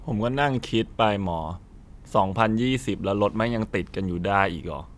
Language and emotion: Thai, frustrated